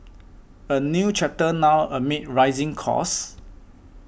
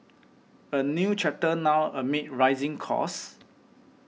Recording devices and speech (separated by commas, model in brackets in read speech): boundary microphone (BM630), mobile phone (iPhone 6), read sentence